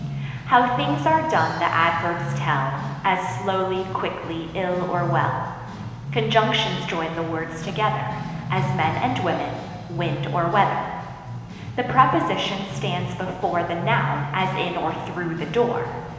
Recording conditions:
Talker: one person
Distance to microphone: 1.7 m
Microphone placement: close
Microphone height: 1.0 m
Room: very reverberant, large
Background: music

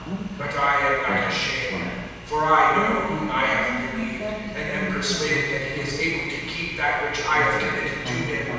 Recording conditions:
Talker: one person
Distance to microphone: 7.1 m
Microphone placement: far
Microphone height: 1.7 m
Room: very reverberant, large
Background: television

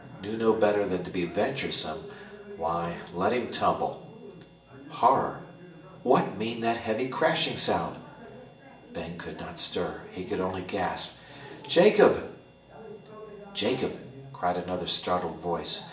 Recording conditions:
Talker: one person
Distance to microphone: 1.8 m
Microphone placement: close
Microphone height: 1.0 m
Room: large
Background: television

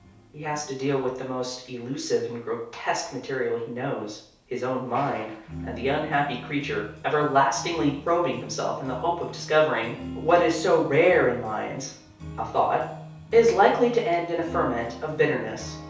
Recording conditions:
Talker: one person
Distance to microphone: 3.0 m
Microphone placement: far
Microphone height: 1.8 m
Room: small (3.7 m by 2.7 m)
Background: music

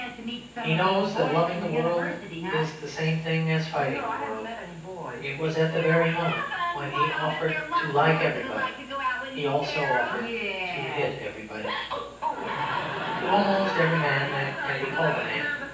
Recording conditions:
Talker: one person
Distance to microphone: 9.8 m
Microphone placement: far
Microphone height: 1.8 m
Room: large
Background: television

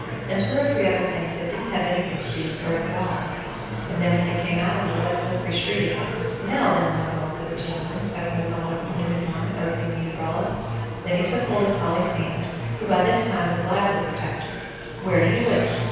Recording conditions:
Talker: one person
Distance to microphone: 7.1 m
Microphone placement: far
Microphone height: 1.7 m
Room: very reverberant, large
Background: babble

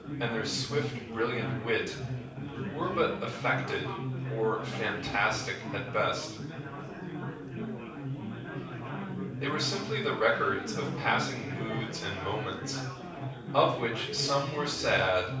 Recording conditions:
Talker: one person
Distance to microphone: 5.8 m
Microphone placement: far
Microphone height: 1.8 m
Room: medium-sized (5.7 m by 4.0 m)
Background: babble

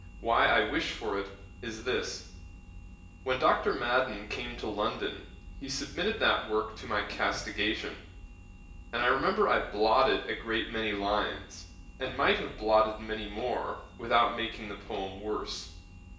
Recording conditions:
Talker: one person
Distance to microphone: 1.8 m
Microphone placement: close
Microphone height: 1.0 m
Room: large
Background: none

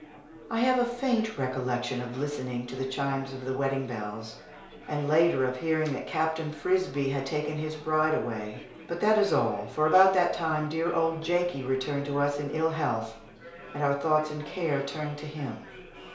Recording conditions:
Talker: one person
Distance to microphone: 1.0 m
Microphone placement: close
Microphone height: 1.1 m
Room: small (3.7 m by 2.7 m)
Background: babble

